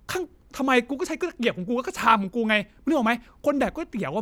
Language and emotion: Thai, angry